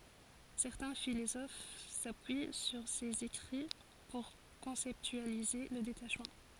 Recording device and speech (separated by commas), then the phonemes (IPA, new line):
forehead accelerometer, read sentence
sɛʁtɛ̃ filozof sapyi syʁ sez ekʁi puʁ kɔ̃sɛptyalize lə detaʃmɑ̃